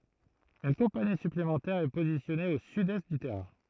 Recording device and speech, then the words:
throat microphone, read sentence
Une compagnie supplémentaire est positionnée au sud-est du terrain.

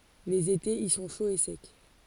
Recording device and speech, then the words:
forehead accelerometer, read sentence
Les étés y sont chauds et secs.

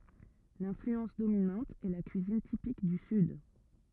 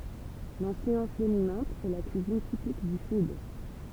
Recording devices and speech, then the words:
rigid in-ear microphone, temple vibration pickup, read sentence
L’influence dominante est la cuisine typique du Sud.

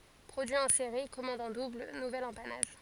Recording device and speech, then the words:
forehead accelerometer, read sentence
Produit en série, commande en double, nouvel empannage.

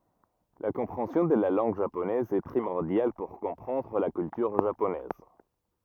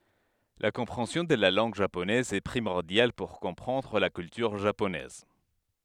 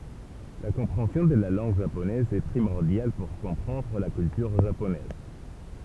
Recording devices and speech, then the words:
rigid in-ear microphone, headset microphone, temple vibration pickup, read sentence
La compréhension de la langue japonaise est primordiale pour comprendre la culture japonaise.

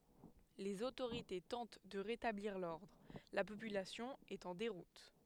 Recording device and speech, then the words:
headset microphone, read sentence
Les autorités tentent de rétablir l'ordre, la population est en déroute.

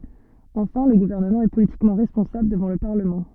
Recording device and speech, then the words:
soft in-ear microphone, read sentence
Enfin, le gouvernement est politiquement responsable devant le Parlement.

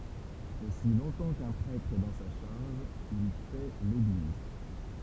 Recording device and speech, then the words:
temple vibration pickup, read sentence
Aussi longtemps qu’un prêtre est dans sa charge, il paît l’Église.

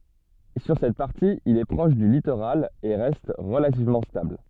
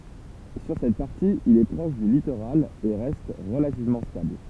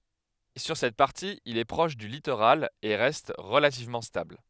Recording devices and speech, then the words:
soft in-ear microphone, temple vibration pickup, headset microphone, read sentence
Sur cette partie, il est proche du littoral et reste relativement stable.

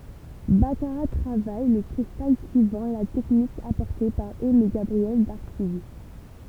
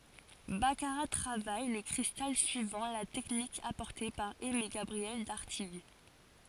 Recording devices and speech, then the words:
temple vibration pickup, forehead accelerometer, read sentence
Baccarat travaille le cristal suivant la technique apportée par Aimé-Gabriel d'Artigues.

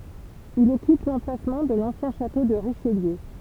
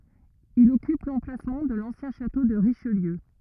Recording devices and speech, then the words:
temple vibration pickup, rigid in-ear microphone, read sentence
Il occupe l'emplacement de l'ancien château de Richelieu.

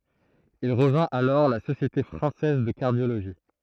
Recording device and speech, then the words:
throat microphone, read sentence
Il rejoint alors la Société française de cardiologie.

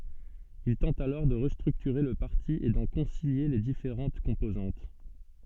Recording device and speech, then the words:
soft in-ear microphone, read sentence
Il tente alors de restructurer le parti et d'en concilier les différentes composantes.

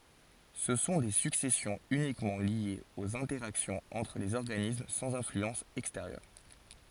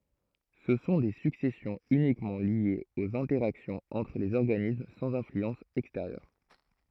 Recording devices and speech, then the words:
forehead accelerometer, throat microphone, read sentence
Ce sont des successions uniquement liées aux interactions entre les organismes sans influence extérieure.

